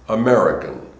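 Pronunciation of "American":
In 'American', the r is an American R. It is not rolled and sounds more like the growling of a dog.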